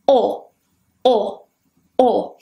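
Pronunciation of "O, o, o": Each 'o' is a quite short vowel sound.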